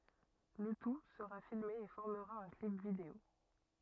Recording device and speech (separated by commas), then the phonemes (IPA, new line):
rigid in-ear microphone, read sentence
lə tu səʁa filme e fɔʁməʁa œ̃ klip video